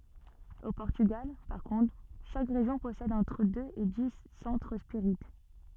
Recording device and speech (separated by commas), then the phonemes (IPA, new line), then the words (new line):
soft in-ear microphone, read sentence
o pɔʁtyɡal paʁ kɔ̃tʁ ʃak ʁeʒjɔ̃ pɔsɛd ɑ̃tʁ døz e di sɑ̃tʁ spiʁit
Au Portugal, par contre, chaque région possède entre deux et dix centres spirites.